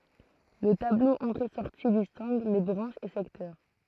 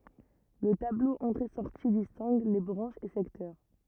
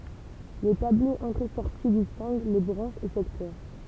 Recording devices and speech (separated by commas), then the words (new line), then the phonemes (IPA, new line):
throat microphone, rigid in-ear microphone, temple vibration pickup, read sentence
Le tableau entrées-sorties distingue les branches et secteurs.
lə tablo ɑ̃tʁeɛsɔʁti distɛ̃ɡ le bʁɑ̃ʃz e sɛktœʁ